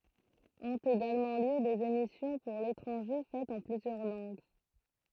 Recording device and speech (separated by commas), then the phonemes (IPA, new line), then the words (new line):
throat microphone, read sentence
ɔ̃t eɡalmɑ̃ ljø dez emisjɔ̃ puʁ letʁɑ̃ʒe fɛtz ɑ̃ plyzjœʁ lɑ̃ɡ
Ont également lieu des émissions pour l’étranger faites en plusieurs langues.